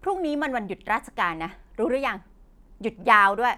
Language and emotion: Thai, angry